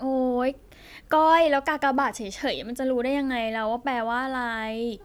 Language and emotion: Thai, frustrated